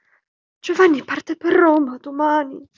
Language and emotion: Italian, fearful